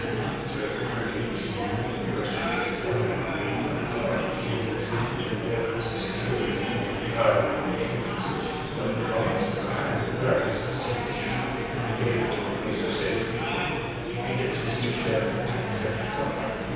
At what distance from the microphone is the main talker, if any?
7.1 m.